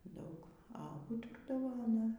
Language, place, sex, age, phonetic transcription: Lithuanian, Aukštaitija, female, 60+, ˈdaug a ˈūturdavo aˈna

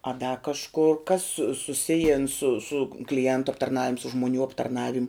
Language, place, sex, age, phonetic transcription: Lithuanian, Žemaitija, female, 18-60, a da kažˈkur kas su suˈsijin su su kliˈentu aptarˈnavim su žmoˈnių aptarˈnavim'

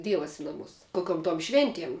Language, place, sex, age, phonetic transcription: Lithuanian, Žemaitija, female, 18-60, ˈdievas i naˈmus koˈkiom tom ˈšventiem

